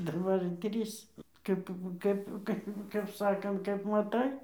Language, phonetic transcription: Lithuanian, daˈbar ir ˈtrys ˈkap ˈkap ˈkap ˈkap ˈsakant kap maˈtai

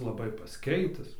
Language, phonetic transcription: Lithuanian, laˈbai pasˈkeitis

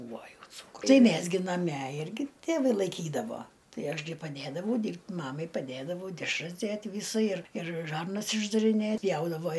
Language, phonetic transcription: Lithuanian, ˈbūvo ˈjau ˈcūkru ˈmæs gi naˈme ˈirgi tėˈvai laiˈkydavo ˈtai ˈaš gi paˈdėdavau ˈdyrb't' ˈmamai paˈdėdavau dešˈras ˈdėt' ˈvysa ir ir ˈžarnas išdariˈnėt ˈpjaudavo

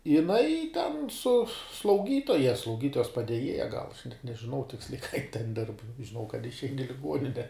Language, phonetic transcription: Lithuanian, jiˈnai ten su slauˈgytoja slauˈgytojas padeˈjėja gal nežiˈnau ˈtiksliai ką jin ten dirb žiˈnau kad išˈein i liˈguonine

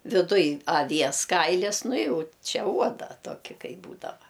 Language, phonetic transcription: Lithuanian, viˈduj aˈvies ˈkailis ˈnu ˈjau ˈčia ˈuoda ˈtoki ˈkai ˈbūdava

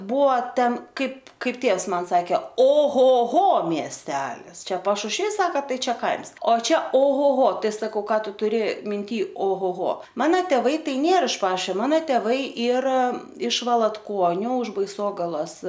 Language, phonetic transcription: Lithuanian, ˈbuo ˈten ˈkaip ˈkaip ˈtėvs ˈman ˈsake o ˈho ˈho miesˈtelis ˈčia pašušˈvys ˈsaka ˈtai ˈčia ˈkaims o ˈčia o ˈho ˈho ˈtai saˈkau ˈką ˈtu tuˈri minˈty o ˈho ˈho ˈmana tėˈvai ˈtai ˈnėr iš ˈpašio ˈmana tėˈvai ˈyra iš valatˈkuoniu už baiˈsogalos

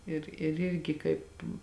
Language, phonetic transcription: Lithuanian, ir ir ˈirgi ˈkaip

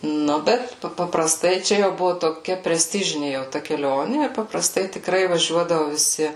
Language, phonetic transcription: Lithuanian, ˈnu ˈbet pa papraˈstai ˈčia jau ˈbuvu toˈkia preˈstižini jau ˈta keˈlioni ir papraˈstai tikˈrai vaˈžiuodavu viˈsi

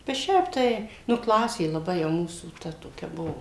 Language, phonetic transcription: Lithuanian, bet ˈšiaip tai ˈnu ˈklasė laˈbai jau ˈmūsų ˈta toˈkia ˈbuvo

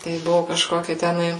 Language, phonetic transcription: Lithuanian, tai ˈbuvu kažˈkoki teˈnai

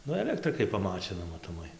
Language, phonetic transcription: Lithuanian, ˈnu eˈlektrikai paˈmačina matoˈmai

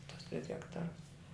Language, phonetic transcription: Lithuanian, tus tris hekˈtarus

